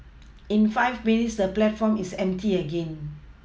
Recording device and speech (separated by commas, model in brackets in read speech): mobile phone (iPhone 6), read sentence